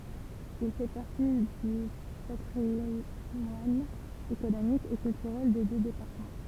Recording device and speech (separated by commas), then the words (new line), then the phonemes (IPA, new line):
temple vibration pickup, read sentence
Il fait partie du patrimoine économique et culturel des deux départements.
il fɛ paʁti dy patʁimwan ekonomik e kyltyʁɛl de dø depaʁtəmɑ̃